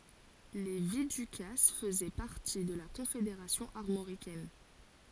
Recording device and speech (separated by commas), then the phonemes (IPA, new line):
forehead accelerometer, read sentence
le vidykas fəzɛ paʁti də la kɔ̃fedeʁasjɔ̃ aʁmoʁikɛn